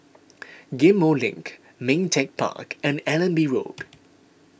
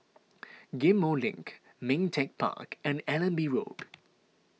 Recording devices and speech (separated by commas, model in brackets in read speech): boundary microphone (BM630), mobile phone (iPhone 6), read sentence